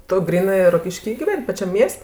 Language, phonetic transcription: Lithuanian, tu gryˈnɜ rokišˈky giˈven' paˈčiam ˈmies't'

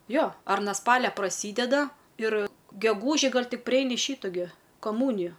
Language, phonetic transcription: Lithuanian, ˈjo ar na ˈspalia praˈsydeda ir geˈgūži ˈgal' ˈtik priˈeini ˈšytu gi kaˈmūniju

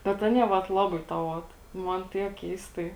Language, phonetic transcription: Lithuanian, bet ˈanie vat ˈlabai tą ˈot ˈman ˈtiek ˈkeistai

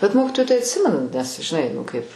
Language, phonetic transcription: Lithuanian, bet ˈmokitoju tai atˈsimenu nes žiˈnai nu ˈkaip

